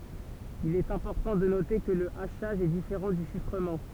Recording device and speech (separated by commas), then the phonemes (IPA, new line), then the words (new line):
temple vibration pickup, read sentence
il ɛt ɛ̃pɔʁtɑ̃ də note kə lə aʃaʒ ɛ difeʁɑ̃ dy ʃifʁəmɑ̃
Il est important de noter que le hachage est différent du chiffrement.